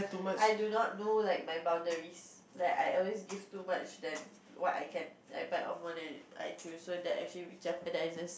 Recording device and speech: boundary microphone, conversation in the same room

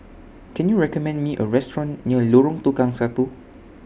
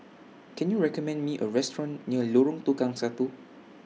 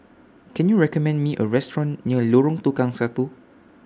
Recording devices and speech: boundary microphone (BM630), mobile phone (iPhone 6), standing microphone (AKG C214), read sentence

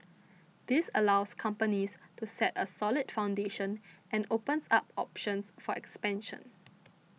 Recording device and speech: mobile phone (iPhone 6), read sentence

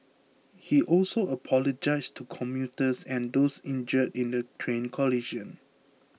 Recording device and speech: mobile phone (iPhone 6), read sentence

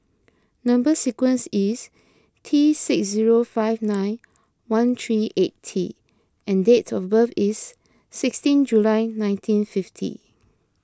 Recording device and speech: close-talking microphone (WH20), read sentence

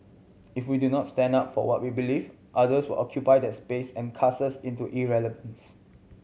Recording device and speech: mobile phone (Samsung C7100), read sentence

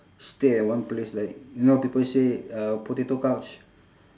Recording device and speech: standing microphone, conversation in separate rooms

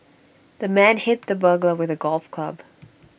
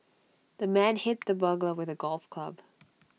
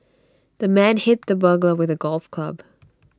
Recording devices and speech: boundary microphone (BM630), mobile phone (iPhone 6), standing microphone (AKG C214), read sentence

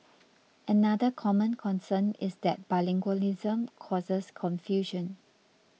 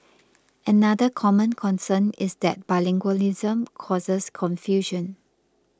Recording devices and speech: mobile phone (iPhone 6), close-talking microphone (WH20), read sentence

